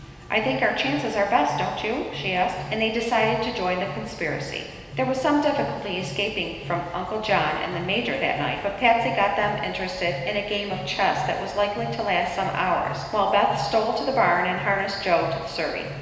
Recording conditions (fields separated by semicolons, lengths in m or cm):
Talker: one person; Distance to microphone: 1.7 m; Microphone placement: close; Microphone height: 1.0 m; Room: very reverberant, large; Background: music